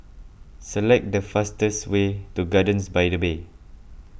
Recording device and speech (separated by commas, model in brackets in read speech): boundary microphone (BM630), read sentence